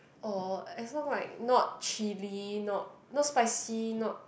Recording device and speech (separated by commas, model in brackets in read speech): boundary microphone, conversation in the same room